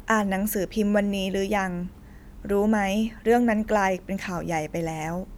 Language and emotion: Thai, neutral